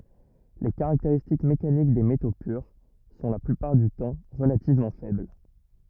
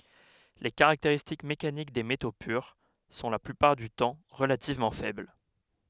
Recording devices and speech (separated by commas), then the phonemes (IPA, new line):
rigid in-ear microphone, headset microphone, read sentence
le kaʁakteʁistik mekanik de meto pyʁ sɔ̃ la plypaʁ dy tɑ̃ ʁəlativmɑ̃ fɛbl